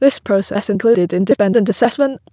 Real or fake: fake